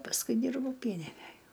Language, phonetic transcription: Lithuanian, pasˈkui ˈdyrbau ˈpieninæj

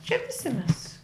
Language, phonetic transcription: Lithuanian, šiaip viˈsi mes

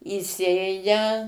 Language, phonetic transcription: Lithuanian, įˈsėja

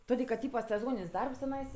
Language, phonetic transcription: Lithuanian, ˈtodė kad ˈtypa seˈzonin's' ˈdarbs tiˈnais

